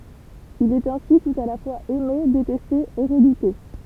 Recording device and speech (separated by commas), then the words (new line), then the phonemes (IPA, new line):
temple vibration pickup, read sentence
Il est ainsi tout à la fois aimé, détesté et redouté.
il ɛt ɛ̃si tut a la fwaz ɛme detɛste e ʁədute